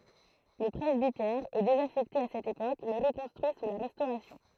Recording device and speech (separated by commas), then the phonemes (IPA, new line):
throat microphone, read sentence
lə pʁɛzbitɛʁ ɛ dezafɛkte a sɛt epok mɛ ʁəkɔ̃stʁyi su la ʁɛstoʁasjɔ̃